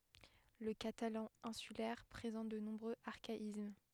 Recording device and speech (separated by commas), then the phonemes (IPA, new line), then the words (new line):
headset microphone, read sentence
lə katalɑ̃ ɛ̃sylɛʁ pʁezɑ̃t də nɔ̃bʁøz aʁkaism
Le catalan insulaire présente de nombreux archaïsmes.